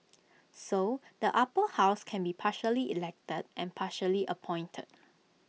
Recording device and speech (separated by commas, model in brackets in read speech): mobile phone (iPhone 6), read sentence